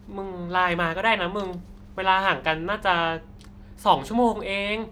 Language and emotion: Thai, frustrated